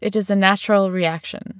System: none